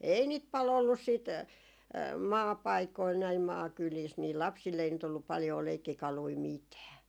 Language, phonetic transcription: Finnish, "ei 'niit 'pal ‿ollus siit , "maapaikoil , näim 'maakyliis , nii "lapsill ‿ei nyt ‿ollup paljoo 'leikkikalui "mitää .
- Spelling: ei niitä paljon ollut sitten maapaikoilla näin maakylissä niin lapsilla ei nyt ollut paljoa leikkikaluja mitään

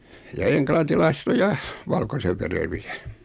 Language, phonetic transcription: Finnish, ja 'eŋklantilaiset ‿o "ja , 'valkosevverevi₍ä .
- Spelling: ja englantilaiset on ja valkoisenvereviä

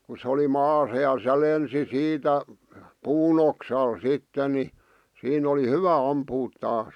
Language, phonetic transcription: Finnish, ku se oli 'maasa ja se 'lensi "siitä , "puun ‿oksal 'sitte ni , 'siin ‿oli "hyvä 'ampuut taas .
- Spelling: kun se oli maassa ja se lensi siitä puun oksalle sitten niin siinä oli hyvä ampua taas

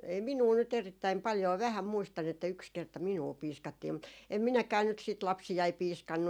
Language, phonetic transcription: Finnish, e- , ei "minuu nyt 'erittäim paljoo , 'vähäm 'muistan ‿että 'yks 'kerta 'minua 'piiskattii mut , em 'minäkää nyt siit 'lapsijai "piiskannu .
- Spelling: - ei minua nyt erittäin paljoa vähän muistan että yksi kerta minua piiskattiin mutta en minäkään nyt sitten lapsiani piiskannut

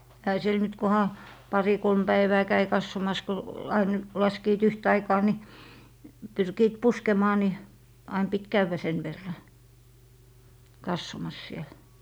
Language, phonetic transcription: Finnish, ehä 'siel nyt 'koha , 'pari 'kolm 'Bäivää käi "kassomas ko , 'ain , 'laskiit 'yht ‿aikaa ni , 'pyrkiit "puskemaa ni , ain pit 'kävvä sen verra , 'kassomas siel .
- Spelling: eihän siellä nyt kunhan pari kolme päivää kävi katsomassa kun aina laskivat yhtä aikaa niin pyrkivät puskemaan niin aina piti käydä sen verran katsomassa siellä

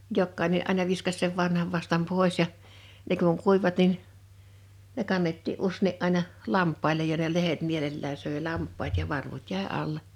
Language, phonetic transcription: Finnish, 'jokkaine’ ’àina 'viskas sev 'vanhav vastam 'pòḙs ja , ne kuŋ 'kuiᵛⁱvat nin , ne 'kannetti’ '’ussèni’ ’àina , "lamp̆pailej ja ne 'lehet 'mielellää 'sö̀e "lamp̆paat ja 'varvut 'jä̀e 'alle .
- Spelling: jokainen aina viskasi sen vanhan vastan pois ja ne kun kuivuivat niin ne kannettiin useinkin aina lampaille ja ne lehdet mielellään söi lampaat ja varvut jäi alle

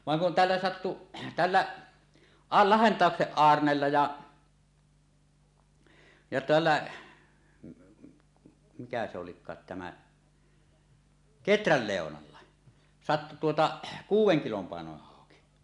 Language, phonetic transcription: Finnish, vaŋ kun "tällä 'sattu , "tällä , 'a- "Lahentàokseˀ 'ˀAarnella ja , ja 'tällä , mikä se olik̆kaat tämä , "Keträl 'Lèonalla , sattu tuota , "kuuw̆weŋ 'kilom paenoneh 'hàoki .
- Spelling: vaan kun tällä sattui tällä - Lahdentauksen Aarnella ja ja tällä mikä se olikaan tämä Keträn Leonalla sattui tuota kuuden kilon painoinen hauki

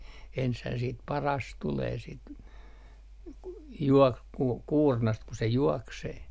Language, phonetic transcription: Finnish, enshää siit "paras 'tulee sit , 'juok- , ku , 'kuurnast ku se 'juɔksee .
- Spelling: ensinhän sitten paras tulee sitten - kun kuurnasta kun se juoksee

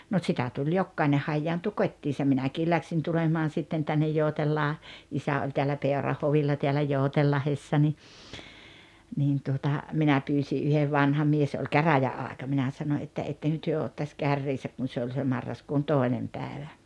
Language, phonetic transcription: Finnish, no 'tsitä tuĺ "jokkaine 'hajjaantu 'kot́t́iisa , "minäkii läksiin 'tulemaan 'sitten tännej 'Jòutellaa- , 'isä oĺ teällä 'Pèorahhovilla teälä 'Jòutellahessa ni , niin tuota , 'minä 'pyysi ’yhev 'vanha 'mies oĺ "käräjä₍aaᵉka minä 'sano 'että » 'etteŋkö työ 'ottaś 'kärriisäk « kun̬ 'se oĺ se 'marraskuun "tòenem 'pääᵉvä .
- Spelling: no sitä tuli jokainen hajaantui kotiinsa minäkin lähdin tulemaan sitten tänne - isä oli täällä Peuranhovilla täällä Joutsenlahdessa niin niin tuota minä pyysin yhden vanha mies oli käräjäaika minä sanoi että ettekö te ottaisi kärriinsä kun se oli se marraskuun toinen päivä

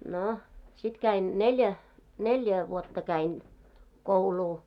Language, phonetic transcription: Finnish, 'no , sit käin , 'neĺjä , 'neĺjä vuotta käin , "kouluu .
- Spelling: no sitten kävin neljä neljä vuotta kävin koulua

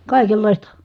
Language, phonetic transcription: Finnish, kài̮kellài̮sta .
- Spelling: kaikenlaista

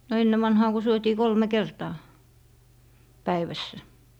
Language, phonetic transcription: Finnish, no 'enne vanhaa ko 'syötii "kolme 'kertaa , 'päivässä .
- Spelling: no ennen vanhaan kun syötiin kolme kertaa päivässä

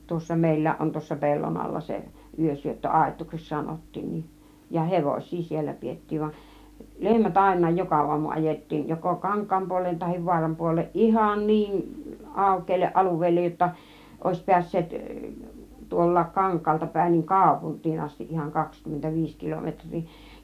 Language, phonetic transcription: Finnish, 'tuossa 'mèil̆lääˀ ˀon 'tuossa "pellon 'alla 'se , 'yösyöttö "àit̆tuuseks 'sanottiin nin , ja "hevoś̆sii siellä 'piettiiv van , 'lehmät 'àinnaaj "joka 'uamu 'ajet̀tiin joko "kaŋk̆kaam 'puol̆leen tahiv 'vuaram 'puol̆leeˀ "ˀihan "niin , 'àukkeelleˀ 'ˀaluveellej jotta , 'òis 'piäs̀seet , 'tuol̀laak "kaŋkkaalta päin niin , "kàupunttiin 'astiˀ ˀihan , 'kakskymmentä "viis 'kilometŕ̆rii .
- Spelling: tuossa meilläkin on tuossa pellon alla se - yösyöttöaitaukseksi sanottiin niin ja hevosia siellä pidettiin vaan lehmät ainakin joka aamu ajettiin joko kankaan puoleen tai vaaran puoleen ihan niin aukealle alueelle jotta olisi päässeet tuollakin kankaalta päin niin kaupunkiin asti ihan kaksikymmentä viisi kilometriä

